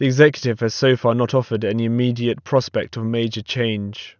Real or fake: real